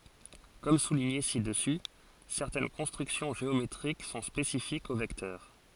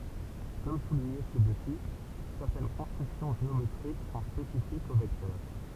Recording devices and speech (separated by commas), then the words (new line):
forehead accelerometer, temple vibration pickup, read sentence
Comme souligné ci-dessus, certaines constructions géométriques sont spécifiques aux vecteurs.